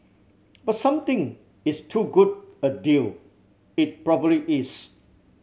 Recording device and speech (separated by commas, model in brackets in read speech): mobile phone (Samsung C7100), read sentence